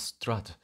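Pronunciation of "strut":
In 'strut', the vowel is the short a of an unlengthened 'bath', not a schwa.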